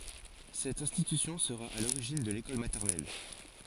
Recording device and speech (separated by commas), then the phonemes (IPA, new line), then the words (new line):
forehead accelerometer, read sentence
sɛt ɛ̃stitysjɔ̃ səʁa a loʁiʒin də lekɔl matɛʁnɛl
Cette institution sera à l’origine de l’école maternelle.